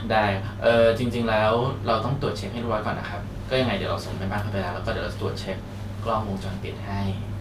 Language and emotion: Thai, neutral